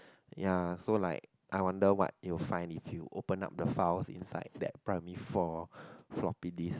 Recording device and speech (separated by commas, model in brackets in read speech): close-talking microphone, conversation in the same room